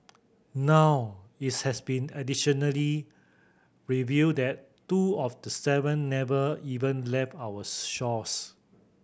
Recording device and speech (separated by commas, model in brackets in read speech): boundary microphone (BM630), read sentence